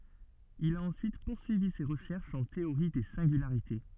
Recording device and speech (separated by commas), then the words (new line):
soft in-ear microphone, read sentence
Il a ensuite poursuivi ses recherches en théorie des singularités.